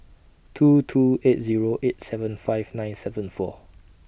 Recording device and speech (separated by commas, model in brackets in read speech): boundary microphone (BM630), read sentence